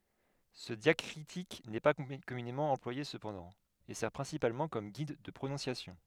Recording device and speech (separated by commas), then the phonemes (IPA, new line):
headset microphone, read sentence
sə djakʁitik nɛ pa kɔmynemɑ̃ ɑ̃plwaje səpɑ̃dɑ̃ e sɛʁ pʁɛ̃sipalmɑ̃ kɔm ɡid də pʁonɔ̃sjasjɔ̃